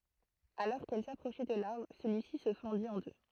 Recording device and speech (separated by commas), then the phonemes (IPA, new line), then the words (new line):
throat microphone, read sentence
alɔʁ kɛl sapʁoʃɛ də laʁbʁ səlyisi sə fɑ̃dit ɑ̃ dø
Alors qu'elles s'approchaient de l'arbre, celui-ci se fendit en deux.